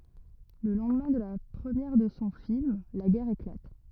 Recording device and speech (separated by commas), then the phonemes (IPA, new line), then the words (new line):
rigid in-ear microphone, read sentence
lə lɑ̃dmɛ̃ də la pʁəmjɛʁ də sɔ̃ film la ɡɛʁ eklat
Le lendemain de la première de son film, la guerre éclate.